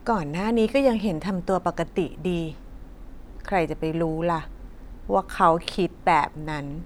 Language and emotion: Thai, frustrated